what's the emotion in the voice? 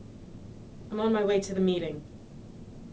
neutral